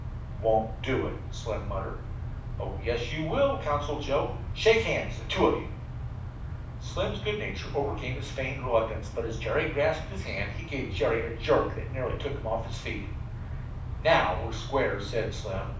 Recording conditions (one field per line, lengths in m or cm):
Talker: one person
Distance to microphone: 5.8 m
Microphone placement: far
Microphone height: 1.8 m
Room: medium-sized (5.7 m by 4.0 m)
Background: none